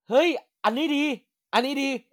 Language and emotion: Thai, happy